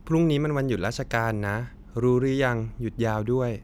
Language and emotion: Thai, neutral